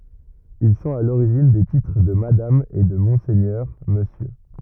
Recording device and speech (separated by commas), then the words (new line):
rigid in-ear microphone, read sentence
Ils sont à l'origine des titres de madame et de monseigneur, monsieur.